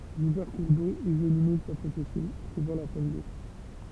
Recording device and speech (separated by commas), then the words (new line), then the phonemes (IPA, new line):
temple vibration pickup, read sentence
Divers cours d'eau et zones humides peuvent s'assécher, privant la faune d'eau.
divɛʁ kuʁ do e zonz ymid pøv saseʃe pʁivɑ̃ la fon do